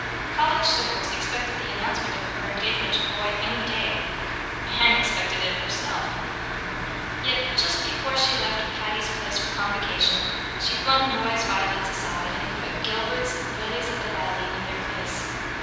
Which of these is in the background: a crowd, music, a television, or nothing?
Music.